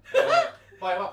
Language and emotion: Thai, happy